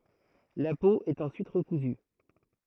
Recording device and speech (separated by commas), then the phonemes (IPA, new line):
throat microphone, read sentence
la po ɛt ɑ̃syit ʁəkuzy